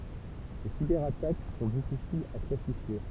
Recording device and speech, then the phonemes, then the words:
temple vibration pickup, read sentence
le sibɛʁatak sɔ̃ difisilz a klasifje
Les cyberattaques sont difficiles à classifier.

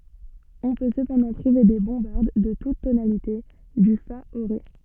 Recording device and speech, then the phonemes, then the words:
soft in-ear microphone, read sentence
ɔ̃ pø səpɑ̃dɑ̃ tʁuve de bɔ̃baʁd də tut tonalite dy fa o ʁe
On peut cependant trouver des bombardes de toutes tonalités, du fa au ré.

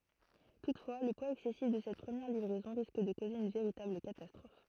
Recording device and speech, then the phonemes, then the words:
throat microphone, read sentence
tutfwa lə pwaz ɛksɛsif də sɛt pʁəmjɛʁ livʁɛzɔ̃ ʁisk də koze yn veʁitabl katastʁɔf
Toutefois, le poids excessif de cette première livraison risque de causer une véritable catastrophe.

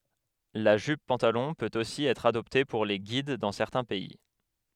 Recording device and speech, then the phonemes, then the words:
headset microphone, read sentence
la ʒyp pɑ̃talɔ̃ pøt osi ɛtʁ adɔpte puʁ le ɡid dɑ̃ sɛʁtɛ̃ pɛi
La jupe-pantalon peut aussi être adoptée pour les Guides dans certains pays.

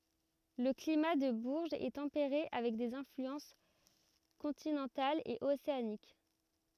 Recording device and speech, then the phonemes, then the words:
rigid in-ear microphone, read sentence
lə klima də buʁʒz ɛ tɑ̃peʁe avɛk dez ɛ̃flyɑ̃s kɔ̃tinɑ̃talz e oseanik
Le climat de Bourges est tempéré avec des influences continentales et océaniques.

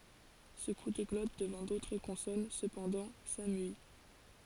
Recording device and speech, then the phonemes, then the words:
forehead accelerometer, read sentence
sə ku də ɡlɔt dəvɑ̃ dotʁ kɔ̃sɔn səpɑ̃dɑ̃ samyi
Ce coup de glotte devant d'autres consonnes, cependant, s'amuït.

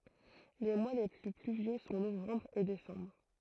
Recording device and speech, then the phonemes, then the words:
throat microphone, read sentence
le mwa le ply plyvjø sɔ̃ novɑ̃bʁ e desɑ̃bʁ
Les mois les plus pluvieux sont novembre et décembre.

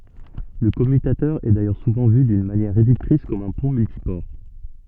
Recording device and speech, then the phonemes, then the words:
soft in-ear microphone, read sentence
lə kɔmytatœʁ ɛ dajœʁ suvɑ̃ vy dyn manjɛʁ ʁedyktʁis kɔm œ̃ pɔ̃ myltipɔʁ
Le commutateur est d'ailleurs souvent vu d'une manière réductrice comme un pont multiport.

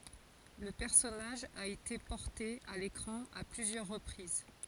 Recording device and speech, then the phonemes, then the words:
forehead accelerometer, read sentence
lə pɛʁsɔnaʒ a ete pɔʁte a lekʁɑ̃ a plyzjœʁ ʁəpʁiz
Le personnage a été porté à l'écran à plusieurs reprises.

